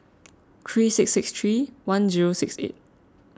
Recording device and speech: close-talking microphone (WH20), read sentence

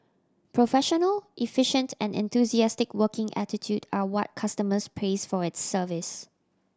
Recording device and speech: standing microphone (AKG C214), read sentence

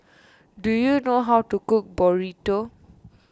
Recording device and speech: standing microphone (AKG C214), read sentence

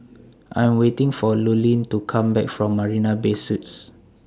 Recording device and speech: standing microphone (AKG C214), read sentence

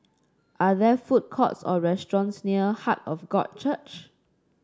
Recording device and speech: standing microphone (AKG C214), read sentence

